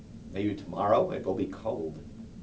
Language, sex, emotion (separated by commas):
English, male, neutral